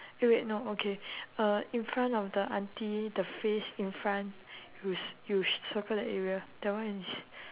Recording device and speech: telephone, conversation in separate rooms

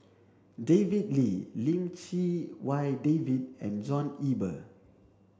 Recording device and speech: standing microphone (AKG C214), read sentence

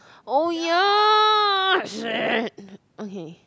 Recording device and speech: close-talking microphone, conversation in the same room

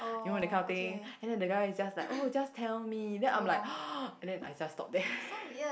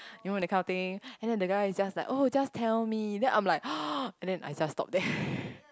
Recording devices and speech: boundary microphone, close-talking microphone, conversation in the same room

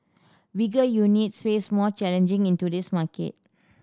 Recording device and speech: standing microphone (AKG C214), read sentence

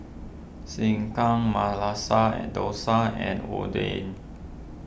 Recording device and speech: boundary microphone (BM630), read sentence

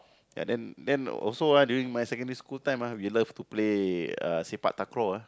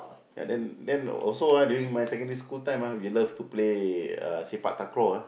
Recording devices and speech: close-talking microphone, boundary microphone, conversation in the same room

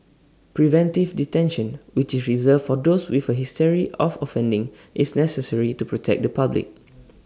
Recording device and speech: standing microphone (AKG C214), read sentence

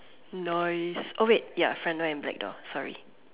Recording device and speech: telephone, conversation in separate rooms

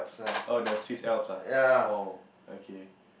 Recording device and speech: boundary microphone, conversation in the same room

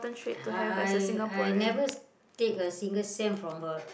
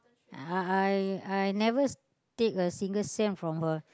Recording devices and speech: boundary microphone, close-talking microphone, conversation in the same room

